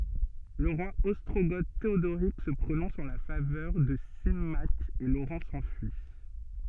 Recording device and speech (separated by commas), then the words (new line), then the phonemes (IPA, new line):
soft in-ear microphone, read sentence
Le roi ostrogoth Théodoric se prononce en la faveur de Symmaque et Laurent s'enfuit.
lə ʁwa ɔstʁoɡo teodoʁik sə pʁonɔ̃s ɑ̃ la favœʁ də simak e loʁɑ̃ sɑ̃fyi